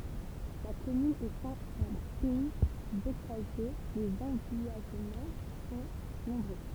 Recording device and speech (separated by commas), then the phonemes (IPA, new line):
temple vibration pickup, read sentence
la kɔmyn etɑ̃ ɑ̃ pɛi bokaʒe lez ɑ̃vijaʒmɑ̃ sɔ̃ nɔ̃bʁø